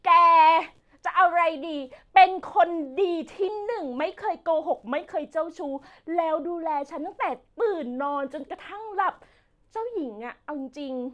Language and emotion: Thai, happy